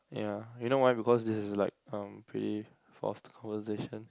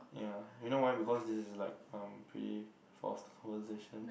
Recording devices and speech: close-talking microphone, boundary microphone, conversation in the same room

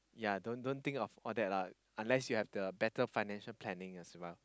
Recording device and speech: close-talking microphone, conversation in the same room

